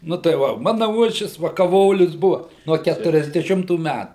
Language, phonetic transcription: Lithuanian, nu tai ˈva ˈmana ˈuošvis va kaˈvolius ˈbuva ˈnuo ˌkæturiasdeˈšimtų ˈmætų

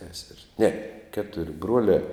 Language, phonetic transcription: Lithuanian, seser's' ne ˈketur' ˈbruolia

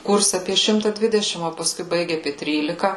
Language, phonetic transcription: Lithuanian, ˈkurse ˈapie ˈšimta ˈdvidešim o paˈskui ˈbaigi aˈpie ˈtrylika

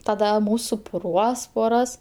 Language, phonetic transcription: Lithuanian, taˈda ˈmus supuˈruos poˈras

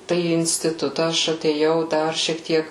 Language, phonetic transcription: Lithuanian, ˈtai į instiˈtuta ˈaš atėˈjau ˈdar šiek ˈtiek

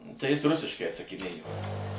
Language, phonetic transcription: Lithuanian, tai ˈjis ˈrusiškai atsakiˈnėjo

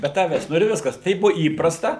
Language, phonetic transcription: Lithuanian, be ˈtavęs ˈnu ir ˈviskas ˈtaip ˈbuo ˈįprasta

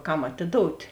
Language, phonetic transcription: Lithuanian, ˈkam atiˈdout'

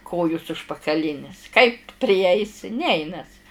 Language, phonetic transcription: Lithuanian, ˈkojus užpakaˈlinis kaip priˈeisi ˈneinas

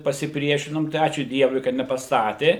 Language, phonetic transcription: Lithuanian, pasiˈpriešinom tai ˈačiū ˈdievui kad nepaˈstatė

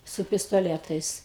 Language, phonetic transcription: Lithuanian, su pistoˈletais

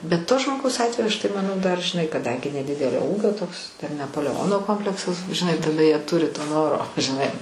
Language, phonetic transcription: Lithuanian, bet to žmoˈgaus ˈatveju aš tai manˈau dar žiˈnai kaˈdangi neˈdidelio ˈūgio toks ten nepoleˈono ˈkompleksas žiˈnai taˈda jie ˈturi to ˈnoro žiˈnai

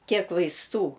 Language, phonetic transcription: Lithuanian, ˈkiek vaisˈtų

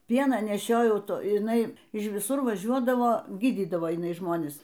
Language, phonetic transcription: Lithuanian, ˈpieną neˈšiojau ˈto iˈnai iš viˈsur vaˈžiuodavo ˈgydydavo jiˈnai ˈžmonis

